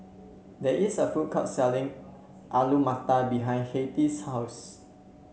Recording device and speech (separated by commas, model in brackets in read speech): mobile phone (Samsung C7), read sentence